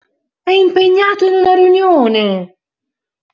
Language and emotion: Italian, surprised